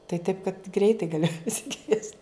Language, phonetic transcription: Lithuanian, tai taip kad ˈgreitai gaˈli pasiˈkviest'

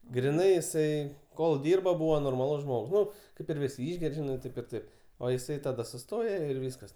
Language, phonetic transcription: Lithuanian, griˈnai iˈsai kol ˈdyrba ˈbūva norˈmalus ˈžmog ˈnu ˈkaip ir ˈvisi ˈišger' ˈžinai ˈtaip ir ˈtaip o jiˈsai taˈda suˈstoje ir ˈvyskas

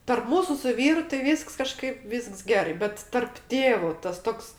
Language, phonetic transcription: Lithuanian, tarp ˈmūsu su ˈvyru tai ˈvysks kaˈžkaip ˈvysks ˈgerai ˈbet tarp ˈtėvu tas ˈtoks

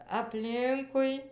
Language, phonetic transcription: Lithuanian, apˈlinkui

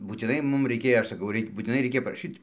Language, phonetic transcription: Lithuanian, būtiˈnai ˈmum raiˈkėjo ˈaš saˈkau ˈraik' būtiˈnai ˈreikia paraˈšyt'

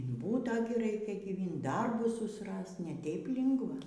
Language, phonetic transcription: Lithuanian, in ˈbūta gi ˈraikia gyˈvint ˈdarbus susˈrast ne ˈteip ˈlingva

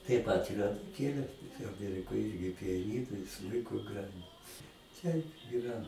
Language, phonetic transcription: Lithuanian, taip ˈpat ir anuˈkėlė tai aˈmierikoj ˈirgi pijaˈnynu i ˈsmuiku ˈgrajin ˈteip yˈra

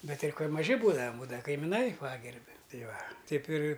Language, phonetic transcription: Lithuanian, ˈbet ˈtai ˈkol' maˈži ˈbūdavam ˈbūdava kaimiˈnai ˈpagerbi ˈtai ˈva ˈteip ir'

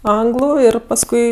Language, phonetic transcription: Lithuanian, ˈanglu ˈir pasˈkui

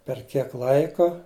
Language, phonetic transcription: Lithuanian, per ˈkiek ˈlaiko

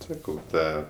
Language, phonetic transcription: Lithuanian, ˈsakau ˈtą

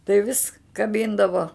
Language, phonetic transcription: Lithuanian, tai vis kaˈbindavo

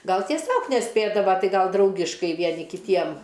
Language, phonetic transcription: Lithuanian, ˈgal tieˈsiog neˈspėdava ˈtai ˈgal ˈdraugiškai ˈvieni kiˈtiem

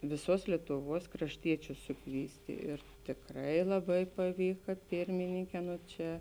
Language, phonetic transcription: Lithuanian, viˈsuos lietuˈvuos krašˈtiečius suˈkvysti ir tikˈrai laˈbai paˈvyka ˈpirmininkē ˈno ˈčia

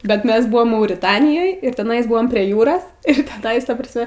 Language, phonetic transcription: Lithuanian, bet ˈmes ˈbuvom mauriˈtanijoj ir teˈnaisˈbuvom prie ˈjūros ir teˈnais ˈta prasˈme

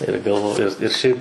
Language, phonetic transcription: Lithuanian, ir galˈvoju ir ˈšiaip

